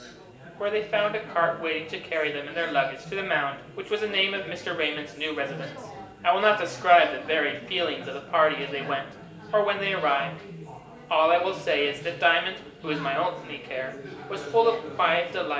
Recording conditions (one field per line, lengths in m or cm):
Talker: one person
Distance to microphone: 1.8 m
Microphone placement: close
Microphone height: 1.0 m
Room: large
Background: babble